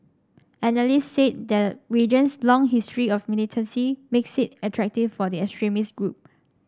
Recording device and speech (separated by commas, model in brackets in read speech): standing microphone (AKG C214), read sentence